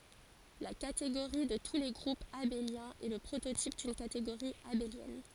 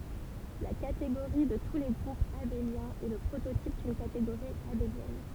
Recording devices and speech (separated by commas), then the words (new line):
forehead accelerometer, temple vibration pickup, read sentence
La catégorie de tous les groupes abéliens est le prototype d'une catégorie abélienne.